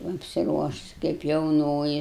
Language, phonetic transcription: Lithuanian, apsiˈruošus kaip jauˈnoji

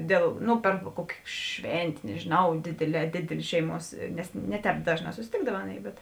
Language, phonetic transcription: Lithuanian, ˈdėl ˈnu per ˈkuokė ˈšventė nežiˈnau ˈdėdėˌlē ˈdėdėlė ˈšeiˌmuos nes ˈne ˌtēp ˈdažˌnā susiˈtėkdav ˈaˌnėi bet

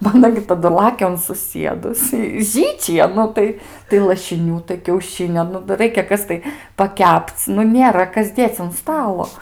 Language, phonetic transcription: Lithuanian, ˈba aˈna gi taˈdu ˈlakia un suˈsiedus i ˈžyčija ˈnu tai tai lašiˈnių tai kiauˈšinio ˈnu dar ˈraikia ˈkas tai paˈkepc ˈnu ˈnėra ˈkas ˈdėc un ˈstalo

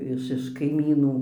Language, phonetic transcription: Lithuanian, iš iš kaiˈmynų

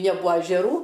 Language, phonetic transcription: Lithuanian, neˈbua ažeˈrų

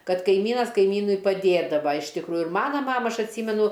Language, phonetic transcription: Lithuanian, ˈkad kaiˈmynas kaiˈmynui paˈdėdava iš tikˈrųju ir ˈmana ˈmama ˈaš atˈsymenu

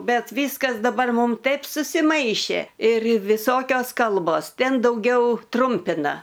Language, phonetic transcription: Lithuanian, ˈbet ˈvyskas daˈbar ˈmūm ˈtaip susiˈmaišė ir viˈsokios ˈkalbos ˈten dauˈgiau ˈtrumpina

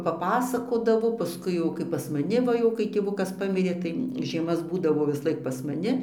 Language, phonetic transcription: Lithuanian, paˈpasakodavo paˈskui jau ˈkaip pas maˈni ˈva jau kai tėˈvukas ˈpamirė tai žieˈmas ˈbūdavo visˈlaik pas maˈni

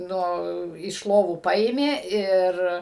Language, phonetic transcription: Lithuanian, ˈnu iš ˈlovų ˈpaėmė ˈir

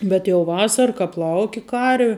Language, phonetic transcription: Lithuanian, bet jau ˈvasara ˈkap ˈlauki ˈkarvi

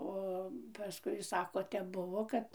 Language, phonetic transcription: Lithuanian, ˈo paˈskui ˈsako ˈtep ˈbuvo ˈkad

